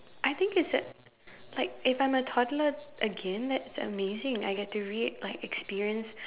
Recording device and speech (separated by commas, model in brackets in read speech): telephone, conversation in separate rooms